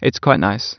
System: none